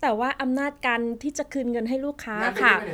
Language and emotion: Thai, neutral